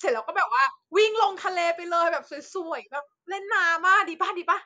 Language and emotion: Thai, happy